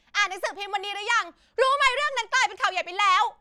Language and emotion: Thai, angry